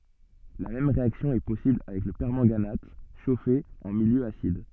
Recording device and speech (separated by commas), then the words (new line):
soft in-ear microphone, read sentence
La même réaction est possible avec le permanganate, chauffé en milieu acide.